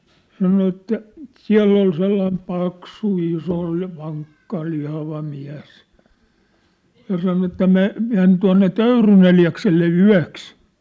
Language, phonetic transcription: Finnish, 'sano että , » 'siä̭ll ‿ol sellaim 'paksu 'iso , 'vaŋkka 'lihava 'miäs , ja 'sano että "me- , 'men tua̭nne "Töyryn ‿eli₍akselle "yä̭ks ! «
- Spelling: sanoi että siellä oli sellainen paksu iso vankka lihava mies ja sanoi että - meni tuonne Töyryn Eliakselle yöksi

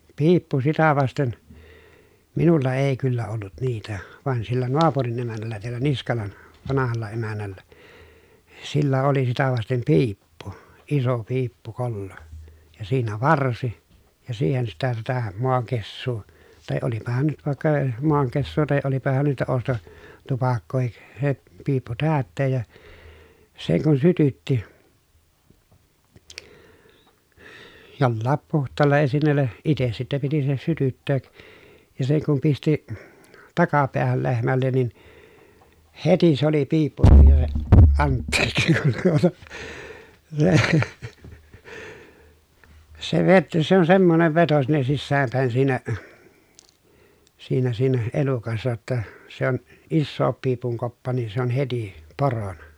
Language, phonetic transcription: Finnish, piippu sitä vasten , minulla èi̮ kyllä ollut niitä , van sillä noapurin emän̆näl̀ä teällä Niskalan , vanahalla emän̆nällä , sillä oli sitä vastem piippu , iso piippukollo , ja siinä varsi , ja siihen sitä sitä , moaŋkessuu tàe olipahan nyt vàekka , moaŋkessuu tàe olipahan niitä osto- , -tupakkoohik , se piippu täätteej ja , seŋ kun sytytti , jollaap puht̀aalla esinnèllä , ites sitte piti se sytytteek , ja seŋ kum pisti , takapeähäl lehmällen ni , heti se ‿oli piippu (---) , antteeksi kun tuota , se , se vet- se on semmonev veto sinne sissääm pä̀i̮n siinä , siinä siinä , elukassa jotta , se ‿on , issoop piipuŋ koppa nii se ‿on heti , porona .
- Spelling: piippu sitä vasten minulla ei kyllä ollut niitä vaan sillä naapurin emännällä täällä Niskalan vanhalla emännällä sillä oli sitä vasten piippu iso piippukollo ja siinä varsi ja siihen sitä sitä maankessua tai olipahan nyt vaikka maankessua tai olipahan niitä - ostotupakkaakin se piippu täyttää ja sen kun sytytti jollakin puhtaalla esineellä itse sitten piti se sytyttää ja sen kun pisti takapäähän lehmälle niin heti se oli piippu - anteeksi kun tuota se se v se on semmoinen veto sinne sisään päin siinä siinä siinä elukassa jotta se on isokin piipun koppa niin se on heti porona

